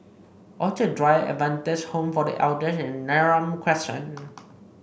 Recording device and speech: boundary microphone (BM630), read sentence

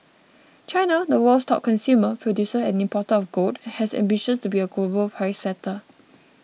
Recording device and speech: mobile phone (iPhone 6), read sentence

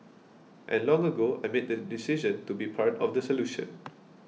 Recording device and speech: mobile phone (iPhone 6), read sentence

